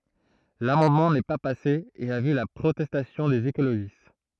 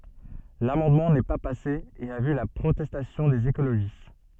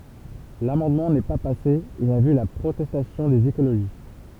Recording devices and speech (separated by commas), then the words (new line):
throat microphone, soft in-ear microphone, temple vibration pickup, read sentence
L'amendement n'est pas passé et a vu la protestation des écologistes.